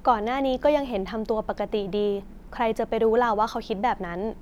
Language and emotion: Thai, neutral